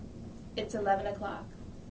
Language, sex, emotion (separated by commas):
English, female, neutral